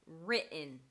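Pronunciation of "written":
In 'written', the double T is not a fully aspirated T; it is replaced by a glottal stop.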